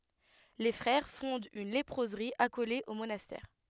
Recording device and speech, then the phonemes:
headset microphone, read sentence
le fʁɛʁ fɔ̃dt yn lepʁozʁi akole o monastɛʁ

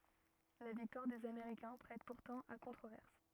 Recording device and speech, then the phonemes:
rigid in-ear microphone, read sentence
la viktwaʁ dez ameʁikɛ̃ pʁɛt puʁtɑ̃ a kɔ̃tʁovɛʁs

